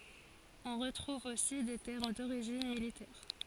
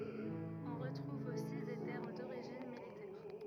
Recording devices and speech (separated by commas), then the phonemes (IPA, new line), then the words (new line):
forehead accelerometer, rigid in-ear microphone, read sentence
ɔ̃ ʁətʁuv osi de tɛʁm doʁiʒin militɛʁ
On retrouve aussi des termes d'origine militaire.